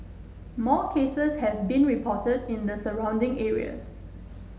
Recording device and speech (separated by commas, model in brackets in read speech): mobile phone (Samsung S8), read sentence